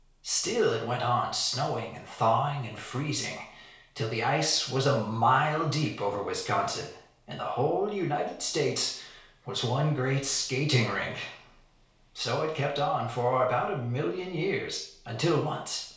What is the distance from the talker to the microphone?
1.0 m.